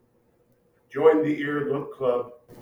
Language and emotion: English, sad